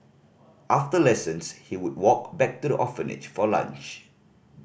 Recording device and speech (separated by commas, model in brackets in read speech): boundary microphone (BM630), read sentence